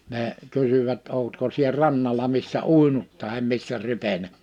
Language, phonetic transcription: Finnish, nee , 'kysyvät » 'òutko sie 'rannala missä "ùinut tahem 'missä 'rypenä « .
- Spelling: ne kysyivät oletko sinä rannalla missä uinut tai missä rypenyt

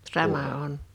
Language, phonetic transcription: Finnish, 'sama 'on .
- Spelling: sama on

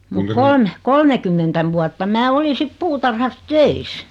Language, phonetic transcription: Finnish, mut 'kolme , "kolmekymmentä vuatta 'mää "oli 'sit 'puutarhas "töis .
- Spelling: mutta kolme kolmekymmentä vuotta minä olin sitten puutarhassa töissä

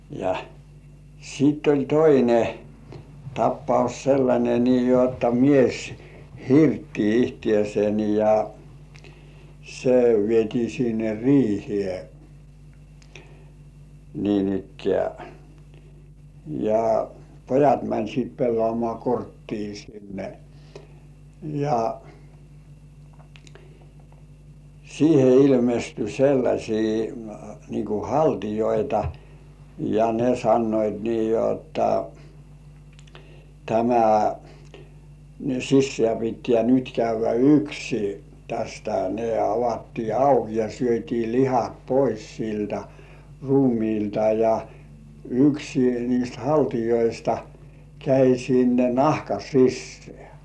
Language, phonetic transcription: Finnish, ja , siitt ‿oĺ "toine , 'tappaus sellańe nii jotta mies , "hirtti 'ihtĭèsen ja , se 'vietii sinne "riihĭè , niin-ikkĕä̀ ja , 'pojat mäń sit 'pellŏàmŏà "korttii sinne , ja , siihe ilmesty 'sellasii nii ku "haltijoita , ja "ne 'sannoit nii jotta , » tämä , 'sissĕä̀ pittĕ§ä̀ nyt 'käyv̆vä "yksi « , tästä ne 'avattii "auk ja syöt́ii "lihat 'pois siltä "ruumiilta ja , "yksi niist 'haltijoista käi sinne "nahka 'sissĕä̀ .
- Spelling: ja sitten oli toinen tapaus sellainen niin jotta mies hirtti itsensä ja se vietiin sinne riiheen niinikään ja pojat meni sitten pelaamaan korttia sinne ja siihen ilmestyi sellaisia niin kuin haltioita ja ne sanoivat niin jotta tämä sisään pitää nyt käydä yksi tästä ne avattiin auki ja syötiin lihat pois siltä ruumiilta ja yksi niistä haltioista kävi sinne nahan sisään

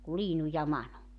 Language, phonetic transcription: Finnish, ku 'Liinu ja 'Manu .
- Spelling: kuin Liinu ja Manu

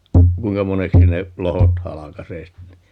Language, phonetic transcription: Finnish, 'kuiŋka 'moneksi ne , 'lohot "halakasee ste (ni) .
- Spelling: kuinka moneksi ne lohkot halkaisee sitten -

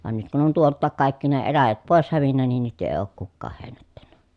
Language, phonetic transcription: Finnish, van nyt kun on tuolttaak kàikki ne eläjät pòes hävinnä nin nyt èi̮ ook kukkaah hèi̮nättännä .
- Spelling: vaan nyt kun on tuoltakin kaikki ne eläjät pois hävinnyt niin nyt ei ole kukaan heinättänyt

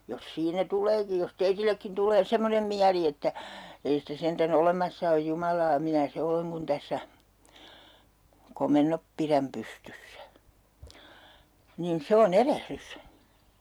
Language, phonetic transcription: Finnish, jos 'siinä 'tuleeki jos "teitillekkin 'tulee 'semmonem miäli että , » 'ei sitä sentä'n ‿olemassa oj 'Jumalaa "minä 'se oleŋ kun 'tässä , "komennop piräm 'pystyssä » , niin 'se o"n ‿erehrys .
- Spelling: jos siinä tuleekin jos teillekin tulee semmoinen mieli että ei sitä sentään olemassa ole Jumalaa minä se olen kun tässä komennot pidän pystyssä niin se on erehdys

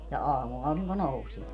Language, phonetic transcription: Finnish, ja 'aamuauriŋko 'nousie .
- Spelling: ja aamuaurinko nousee

